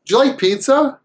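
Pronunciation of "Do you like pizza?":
In "Do you like pizza?", the d sound of "do" and the y sound of "you" are put together, so they sound more like a j sound.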